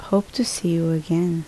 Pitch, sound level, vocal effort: 170 Hz, 72 dB SPL, soft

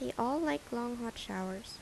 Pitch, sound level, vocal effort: 235 Hz, 78 dB SPL, soft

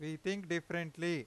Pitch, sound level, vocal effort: 170 Hz, 94 dB SPL, very loud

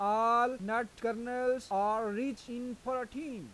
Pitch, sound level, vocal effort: 240 Hz, 95 dB SPL, loud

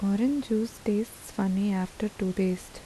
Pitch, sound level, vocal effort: 205 Hz, 77 dB SPL, soft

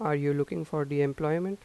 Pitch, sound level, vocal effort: 150 Hz, 86 dB SPL, normal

